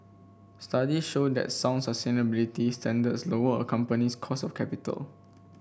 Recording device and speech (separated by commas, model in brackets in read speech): boundary microphone (BM630), read sentence